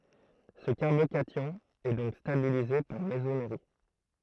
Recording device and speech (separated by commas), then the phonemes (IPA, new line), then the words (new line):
throat microphone, read sentence
sə kaʁbokasjɔ̃ ɛ dɔ̃k stabilize paʁ mezomeʁi
Ce carbocation est donc stabilisé par mésomérie.